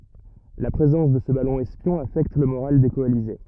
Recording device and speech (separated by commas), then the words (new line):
rigid in-ear microphone, read sentence
La présence de ce ballon espion affecte le moral des coalisés.